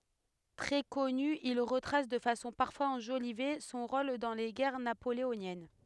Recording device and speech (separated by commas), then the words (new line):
headset microphone, read sentence
Très connus, ils retracent, de façon parfois enjolivée, son rôle dans les guerres napoléoniennes.